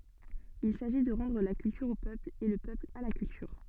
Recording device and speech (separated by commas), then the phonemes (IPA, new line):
soft in-ear microphone, read sentence
il saʒi də ʁɑ̃dʁ la kyltyʁ o pøpl e lə pøpl a la kyltyʁ